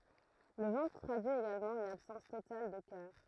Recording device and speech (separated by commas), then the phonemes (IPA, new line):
throat microphone, read sentence
lə vɑ̃tʁ tʁadyi eɡalmɑ̃ yn absɑ̃s total də kœʁ